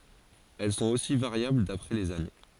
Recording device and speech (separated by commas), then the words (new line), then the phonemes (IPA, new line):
forehead accelerometer, read sentence
Elles sont aussi variables d'après les années.
ɛl sɔ̃t osi vaʁjabl dapʁɛ lez ane